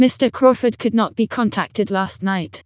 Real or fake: fake